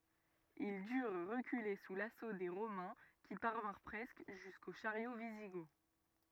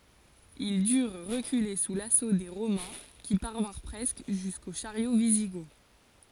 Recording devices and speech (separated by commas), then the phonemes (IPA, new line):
rigid in-ear microphone, forehead accelerometer, read sentence
il dyʁ ʁəkyle su laso de ʁomɛ̃ ki paʁvɛ̃ʁ pʁɛskə ʒysko ʃaʁjo viziɡɔt